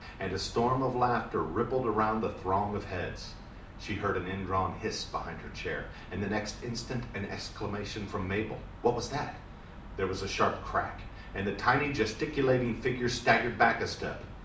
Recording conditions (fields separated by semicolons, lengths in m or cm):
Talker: one person; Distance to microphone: 2.0 m; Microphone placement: close; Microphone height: 99 cm; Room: medium-sized (5.7 m by 4.0 m); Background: none